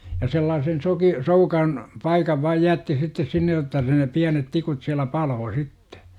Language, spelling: Finnish, ja sellaisen - soukan paikan vain jätti sitten sinne jotta sitten ne pienet tikut siellä paloi sitten
- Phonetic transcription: ja 'sellaasen 'soki- , 'soukan , 'paikav vaaj "jätti sittes 'sinne§ jotta si ne 'piänet 'tikut siälä "paloo "sittE .

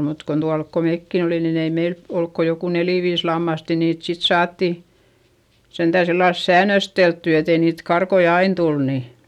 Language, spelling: Finnish, mutta kun tuolla kun mekin olin niin ei meillä ollut kuin joku neljä viisi lammasta ja niitä sitten saatiin sentään sillä lailla säännösteltyä että ei niitä karkkoja aina tule niin
- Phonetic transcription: mut kon tualk ko mèkki olin nin ‿ei meil , olk ko joku nelì viis lammast ja niit sit saatti , sentä̀ sillals säännösteltty etei niit karkoi ain tul ni .

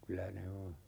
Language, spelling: Finnish, kyllä ne on
- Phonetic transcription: 'kylä "ne o , .

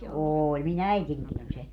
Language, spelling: Finnish, oli minun äitinikin oli se
- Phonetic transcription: 'ooĺ mi"n ‿äitiŋkin ‿oĺ se .

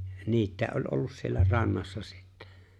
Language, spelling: Finnish, niitä oli ollut siellä rannassa sitten
- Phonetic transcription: 'niit̆tä̀e ’oĺ 'ollus siellä 'rannassa sittᴀ̈ .

